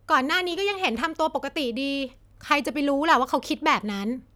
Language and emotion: Thai, frustrated